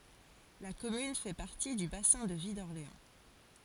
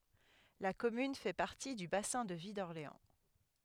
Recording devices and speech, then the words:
forehead accelerometer, headset microphone, read sentence
La commune fait partie du bassin de vie d'Orléans.

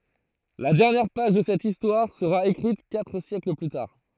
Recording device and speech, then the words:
throat microphone, read sentence
La dernière page de cette histoire sera écrite quatre siècles plus tard.

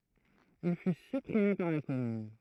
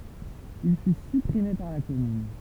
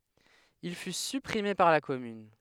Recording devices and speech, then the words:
throat microphone, temple vibration pickup, headset microphone, read sentence
Il fut supprimé par la commune.

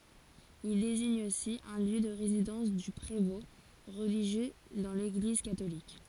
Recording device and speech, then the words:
forehead accelerometer, read sentence
Il désigne aussi un lieu de résidence du prévôt, religieux dans l'Église catholique.

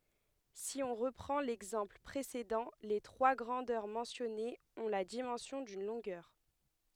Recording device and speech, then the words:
headset microphone, read sentence
Si on reprend l'exemple précédent, les trois grandeurs mentionnées ont la dimension d'une longueur.

